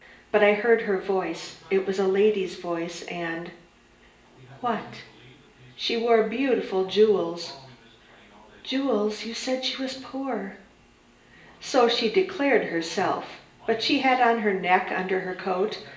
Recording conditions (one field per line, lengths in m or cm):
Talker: one person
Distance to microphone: 1.8 m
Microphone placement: close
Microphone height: 1.0 m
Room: large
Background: television